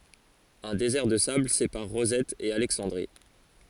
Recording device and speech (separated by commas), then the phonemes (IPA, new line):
forehead accelerometer, read sentence
œ̃ dezɛʁ də sabl sepaʁ ʁozɛt e alɛksɑ̃dʁi